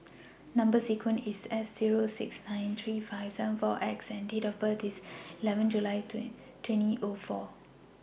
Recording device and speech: boundary microphone (BM630), read sentence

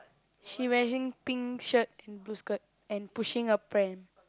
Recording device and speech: close-talking microphone, conversation in the same room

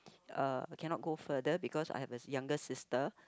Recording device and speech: close-talking microphone, conversation in the same room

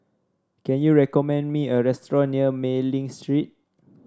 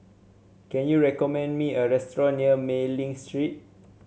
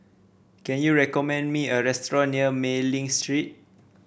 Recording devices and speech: standing microphone (AKG C214), mobile phone (Samsung C7), boundary microphone (BM630), read sentence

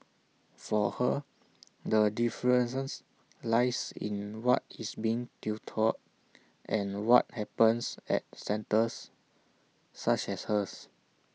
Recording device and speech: mobile phone (iPhone 6), read sentence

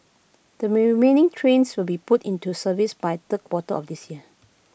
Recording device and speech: boundary microphone (BM630), read sentence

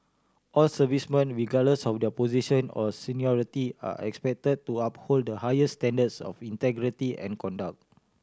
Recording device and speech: standing microphone (AKG C214), read sentence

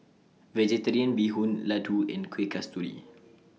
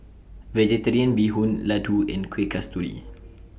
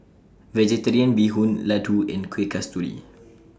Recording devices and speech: mobile phone (iPhone 6), boundary microphone (BM630), standing microphone (AKG C214), read sentence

